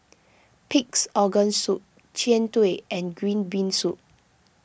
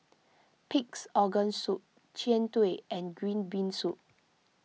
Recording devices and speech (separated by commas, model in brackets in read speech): boundary microphone (BM630), mobile phone (iPhone 6), read sentence